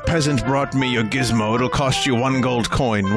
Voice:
gruff voice